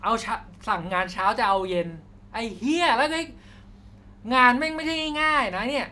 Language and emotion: Thai, angry